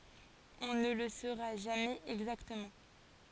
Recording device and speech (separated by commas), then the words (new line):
forehead accelerometer, read sentence
On ne le saura jamais exactement.